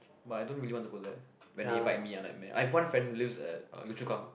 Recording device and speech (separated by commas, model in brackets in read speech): boundary microphone, conversation in the same room